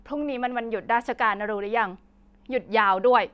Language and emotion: Thai, angry